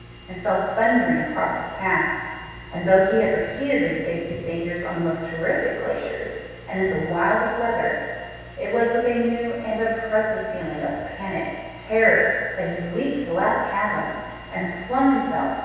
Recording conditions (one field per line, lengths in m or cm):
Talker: one person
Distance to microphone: 7.1 m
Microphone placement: far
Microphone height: 1.7 m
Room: very reverberant, large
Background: none